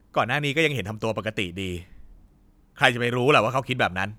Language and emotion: Thai, angry